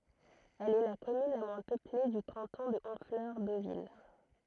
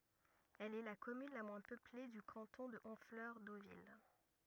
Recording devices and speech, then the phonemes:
throat microphone, rigid in-ear microphone, read sentence
ɛl ɛ la kɔmyn la mwɛ̃ pøple dy kɑ̃tɔ̃ də ɔ̃flœʁ dovil

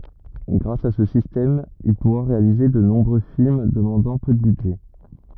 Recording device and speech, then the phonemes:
rigid in-ear microphone, read sentence
ɡʁas a sə sistɛm il puʁa ʁealize də nɔ̃bʁø film dəmɑ̃dɑ̃ pø də bydʒɛ

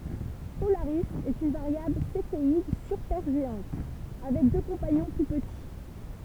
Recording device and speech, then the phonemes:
temple vibration pickup, read sentence
polaʁi ɛt yn vaʁjabl sefeid sypɛʁʒeɑ̃t avɛk dø kɔ̃paɲɔ̃ ply pəti

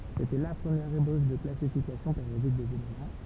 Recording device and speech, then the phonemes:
temple vibration pickup, read sentence
setɛ la pʁəmjɛʁ eboʃ də klasifikasjɔ̃ peʁjodik dez elemɑ̃

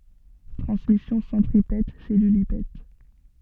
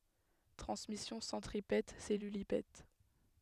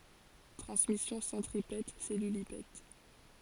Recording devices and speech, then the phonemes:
soft in-ear microphone, headset microphone, forehead accelerometer, read sentence
tʁɑ̃smisjɔ̃ sɑ̃tʁipɛt sɛlylipɛt

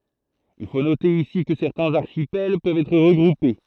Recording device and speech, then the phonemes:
throat microphone, read sentence
il fo note isi kə sɛʁtɛ̃z aʁʃipɛl pøvt ɛtʁ ʁəɡʁupe

